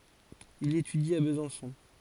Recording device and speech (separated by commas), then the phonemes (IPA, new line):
forehead accelerometer, read sentence
il etydi a bəzɑ̃sɔ̃